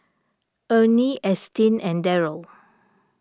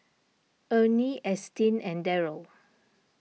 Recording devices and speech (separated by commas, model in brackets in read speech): standing microphone (AKG C214), mobile phone (iPhone 6), read sentence